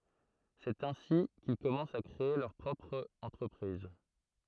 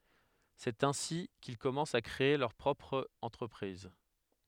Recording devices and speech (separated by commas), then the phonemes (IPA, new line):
throat microphone, headset microphone, read sentence
sɛt ɛ̃si kil kɔmɑ̃st a kʁee lœʁ pʁɔpʁ ɑ̃tʁəpʁiz